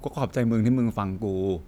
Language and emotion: Thai, neutral